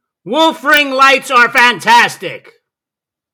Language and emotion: English, disgusted